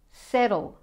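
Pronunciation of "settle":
'settle' is said the Australian and American way, with the t said as a flat D.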